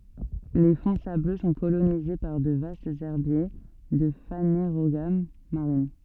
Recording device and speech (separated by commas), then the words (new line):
soft in-ear microphone, read sentence
Les fonds sableux sont colonisés par de vastes herbiers de Phanérogames marines.